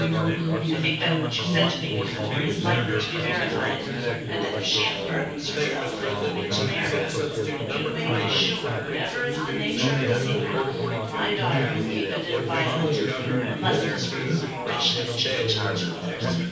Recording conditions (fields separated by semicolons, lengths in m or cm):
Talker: one person; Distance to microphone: 9.8 m; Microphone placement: far; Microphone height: 1.8 m; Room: large; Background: babble